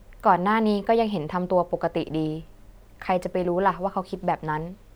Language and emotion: Thai, neutral